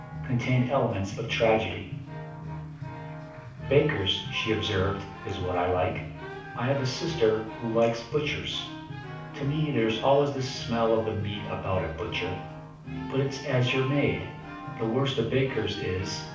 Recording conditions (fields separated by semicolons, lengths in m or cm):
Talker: one person; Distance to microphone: 5.8 m; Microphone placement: far; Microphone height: 1.8 m; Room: medium-sized (5.7 m by 4.0 m); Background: music